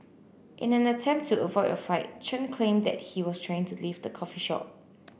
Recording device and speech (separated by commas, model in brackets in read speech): boundary microphone (BM630), read sentence